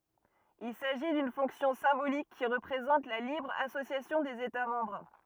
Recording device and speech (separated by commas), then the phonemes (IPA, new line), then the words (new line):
rigid in-ear microphone, read sentence
il saʒi dyn fɔ̃ksjɔ̃ sɛ̃bolik ki ʁəpʁezɑ̃t la libʁ asosjasjɔ̃ dez eta mɑ̃bʁ
Il s'agit d'une fonction symbolique qui représente la libre association des États membres.